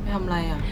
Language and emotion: Thai, frustrated